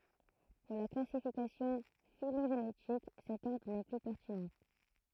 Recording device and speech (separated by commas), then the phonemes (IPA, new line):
throat microphone, read sentence
puʁ la klasifikasjɔ̃ filoʒenetik sɛt ɔʁdʁ nɛ ply pɛʁtinɑ̃